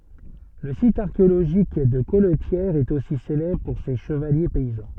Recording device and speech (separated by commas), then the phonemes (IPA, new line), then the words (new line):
soft in-ear microphone, read sentence
lə sit aʁkeoloʒik də kɔltjɛʁ ɛt osi selɛbʁ puʁ se ʃəvalje pɛizɑ̃
Le site archéologique de Colletière est aussi célèbre pour ses chevaliers paysans.